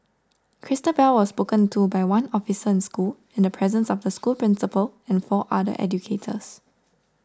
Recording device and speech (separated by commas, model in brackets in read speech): standing microphone (AKG C214), read sentence